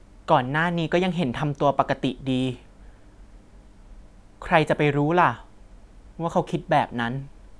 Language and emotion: Thai, neutral